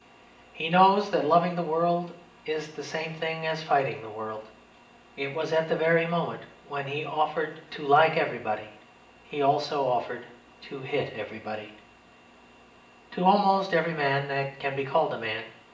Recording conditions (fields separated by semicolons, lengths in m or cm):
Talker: one person; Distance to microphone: 1.8 m; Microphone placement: close; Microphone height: 1.0 m; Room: large; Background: none